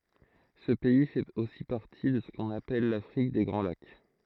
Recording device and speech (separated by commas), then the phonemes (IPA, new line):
throat microphone, read sentence
sə pɛi fɛt osi paʁti də sə kɔ̃n apɛl lafʁik de ɡʁɑ̃ lak